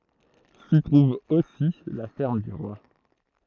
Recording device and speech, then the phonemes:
throat microphone, read sentence
si tʁuv osi la fɛʁm dy ʁwa

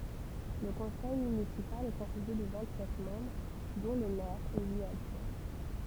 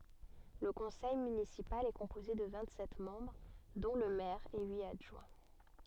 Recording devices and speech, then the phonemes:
temple vibration pickup, soft in-ear microphone, read sentence
lə kɔ̃sɛj mynisipal ɛ kɔ̃poze də vɛ̃t sɛt mɑ̃bʁ dɔ̃ lə mɛʁ e yit adʒwɛ̃

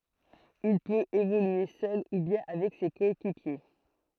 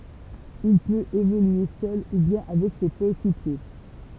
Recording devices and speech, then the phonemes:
throat microphone, temple vibration pickup, read sentence
il pøt evolye sœl u bjɛ̃ avɛk se kɔekipje

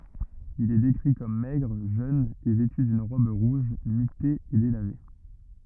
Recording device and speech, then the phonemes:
rigid in-ear microphone, read sentence
il ɛ dekʁi kɔm mɛɡʁ ʒøn e vɛty dyn ʁɔb ʁuʒ mite e delave

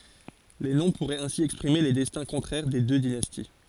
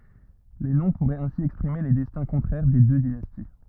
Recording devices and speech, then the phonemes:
forehead accelerometer, rigid in-ear microphone, read sentence
le nɔ̃ puʁɛt ɛ̃si ɛkspʁime le dɛstɛ̃ kɔ̃tʁɛʁ de dø dinasti

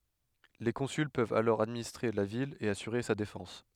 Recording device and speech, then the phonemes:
headset microphone, read sentence
le kɔ̃syl pøvt alɔʁ administʁe la vil e asyʁe sa defɑ̃s

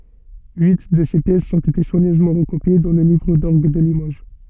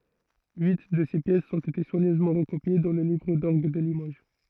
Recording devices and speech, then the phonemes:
soft in-ear microphone, throat microphone, read sentence
yi də se pjɛsz ɔ̃t ete swaɲøzmɑ̃ ʁəkopje dɑ̃ lə livʁ dɔʁɡ də limoʒ

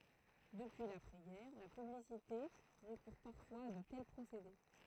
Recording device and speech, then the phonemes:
throat microphone, read sentence
dəpyi lapʁɛ ɡɛʁ la pyblisite ʁəkuʁ paʁfwaz a də tɛl pʁosede

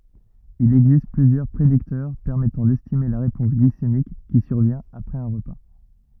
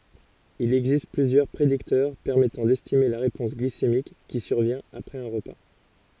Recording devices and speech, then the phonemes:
rigid in-ear microphone, forehead accelerometer, read sentence
il ɛɡzist plyzjœʁ pʁediktœʁ pɛʁmɛtɑ̃ dɛstime la ʁepɔ̃s ɡlisemik ki syʁvjɛ̃t apʁɛz œ̃ ʁəpa

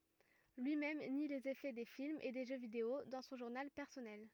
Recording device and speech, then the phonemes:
rigid in-ear microphone, read sentence
lyi mɛm ni lez efɛ de filmz e de ʒø video dɑ̃ sɔ̃ ʒuʁnal pɛʁsɔnɛl

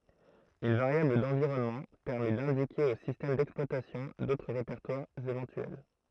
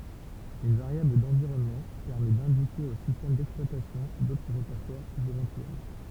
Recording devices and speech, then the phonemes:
throat microphone, temple vibration pickup, read sentence
yn vaʁjabl dɑ̃viʁɔnmɑ̃ pɛʁmɛ dɛ̃dike o sistɛm dɛksplwatasjɔ̃ dotʁ ʁepɛʁtwaʁz evɑ̃tyɛl

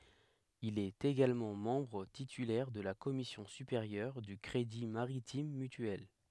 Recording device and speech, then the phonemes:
headset microphone, read sentence
il ɛt eɡalmɑ̃ mɑ̃bʁ titylɛʁ də la kɔmisjɔ̃ sypeʁjœʁ dy kʁedi maʁitim mytyɛl

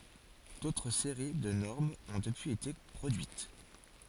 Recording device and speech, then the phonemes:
forehead accelerometer, read sentence
dotʁ seʁi də nɔʁmz ɔ̃ dəpyiz ete pʁodyit

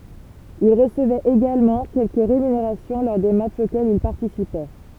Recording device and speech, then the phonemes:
temple vibration pickup, read sentence
il ʁəsəvɛt eɡalmɑ̃ kɛlkə ʁemyneʁasjɔ̃ lɔʁ de matʃz okɛlz il paʁtisipɛ

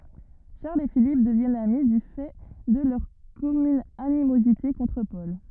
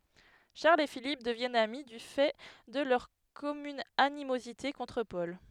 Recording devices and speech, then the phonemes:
rigid in-ear microphone, headset microphone, read sentence
ʃaʁl e filip dəvjɛnt ami dy fɛ də lœʁ kɔmyn animozite kɔ̃tʁ pɔl

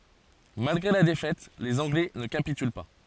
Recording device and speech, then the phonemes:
forehead accelerometer, read sentence
malɡʁe la defɛt lez ɑ̃ɡlɛ nə kapityl pa

